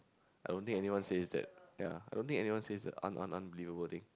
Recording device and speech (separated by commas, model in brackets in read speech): close-talking microphone, conversation in the same room